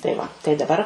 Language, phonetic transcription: Lithuanian, tai ˈva tai daˈbar

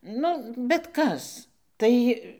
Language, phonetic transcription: Lithuanian, ˈnu bet ˈkas ˈtai

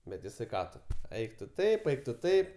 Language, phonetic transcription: Lithuanian, bet jiˈsai ˈką tu ˈeik tu ˈtaip ˈeik tu ˈtaip

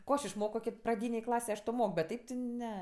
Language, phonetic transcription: Lithuanian, ˈko aš išˈmoko praˈdynėj ˈklasėj ˈaš ˈto ˈmok bet ˈteip ti ˈne

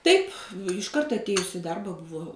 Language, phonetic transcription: Lithuanian, ˈtaip išˈkart atˈėjus i ˈdarba ˈbuvo

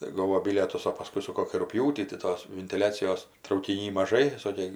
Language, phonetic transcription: Lithuanian, tai ˈgovo ˈbilietus o paˈskui su ˈkokį rugˈpjūtį tai ˈtos vintiˈliacijos traukiˈny maˈžai ˈsokė

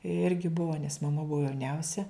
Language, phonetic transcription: Lithuanian, ˈirgi ˈbuo nes maˈma ˈbuo jauˈniausia

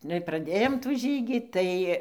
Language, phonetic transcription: Lithuanian, ˈnu ir praˈdėjom tų ˈžygį ˈtai

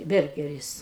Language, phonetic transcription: Lithuanian, ˈbergeris

